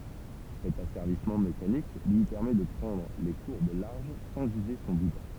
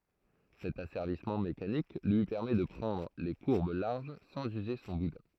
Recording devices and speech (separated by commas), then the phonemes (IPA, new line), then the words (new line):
temple vibration pickup, throat microphone, read sentence
sɛt asɛʁvismɑ̃ mekanik lyi pɛʁmɛ də pʁɑ̃dʁ le kuʁb laʁʒ sɑ̃z yze sɔ̃ budɛ̃
Cet asservissement mécanique lui permet de prendre les courbes larges sans user son boudin.